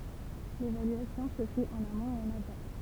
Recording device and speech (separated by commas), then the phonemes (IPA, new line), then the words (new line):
temple vibration pickup, read sentence
levalyasjɔ̃ sə fɛt ɑ̃n amɔ̃t e ɑ̃n aval
L'évaluation se fait en amont et en aval.